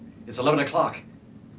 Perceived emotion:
fearful